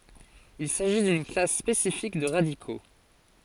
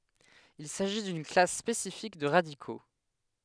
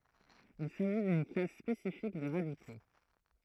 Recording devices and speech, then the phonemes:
forehead accelerometer, headset microphone, throat microphone, read sentence
il saʒi dyn klas spesifik də ʁadiko

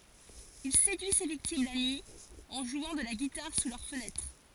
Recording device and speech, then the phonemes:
forehead accelerometer, read sentence
il sedyi se viktim la nyi ɑ̃ ʒwɑ̃ də la ɡitaʁ su lœʁ fənɛtʁ

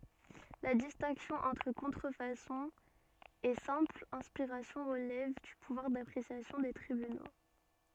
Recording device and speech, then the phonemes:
soft in-ear microphone, read sentence
la distɛ̃ksjɔ̃ ɑ̃tʁ kɔ̃tʁəfasɔ̃ e sɛ̃pl ɛ̃spiʁasjɔ̃ ʁəlɛv dy puvwaʁ dapʁesjasjɔ̃ de tʁibyno

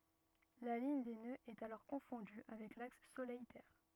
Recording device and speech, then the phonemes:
rigid in-ear microphone, read sentence
la liɲ de nøz ɛt alɔʁ kɔ̃fɔ̃dy avɛk laks solɛj tɛʁ

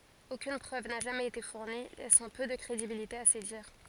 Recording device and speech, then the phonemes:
forehead accelerometer, read sentence
okyn pʁøv na ʒamɛz ete fuʁni lɛsɑ̃ pø də kʁedibilite a se diʁ

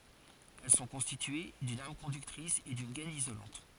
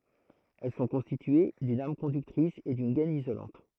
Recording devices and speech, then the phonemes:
forehead accelerometer, throat microphone, read sentence
ɛl sɔ̃ kɔ̃stitye dyn am kɔ̃dyktʁis e dyn ɡɛn izolɑ̃t

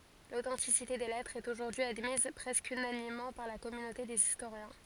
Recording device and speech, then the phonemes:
forehead accelerometer, read sentence
lotɑ̃tisite de lɛtʁz ɛt oʒuʁdyi admiz pʁɛskə ynanimmɑ̃ paʁ la kɔmynote dez istoʁjɛ̃

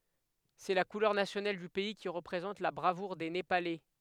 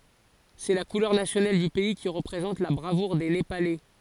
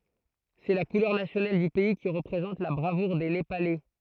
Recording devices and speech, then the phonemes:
headset microphone, forehead accelerometer, throat microphone, read sentence
sɛ la kulœʁ nasjonal dy pɛi ki ʁəpʁezɑ̃t la bʁavuʁ de nepalɛ

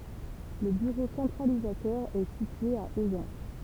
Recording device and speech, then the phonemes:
temple vibration pickup, read sentence
lə byʁo sɑ̃tʁalizatœʁ ɛ sitye a ozɑ̃s

